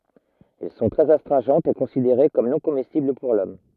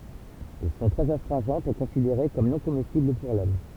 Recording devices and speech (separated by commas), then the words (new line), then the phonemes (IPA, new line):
rigid in-ear microphone, temple vibration pickup, read sentence
Elles sont très astringentes et considérées comme non comestibles pour l'homme.
ɛl sɔ̃ tʁɛz astʁɛ̃ʒɑ̃tz e kɔ̃sideʁe kɔm nɔ̃ komɛstibl puʁ lɔm